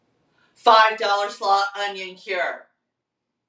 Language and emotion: English, neutral